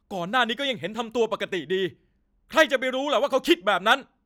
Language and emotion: Thai, angry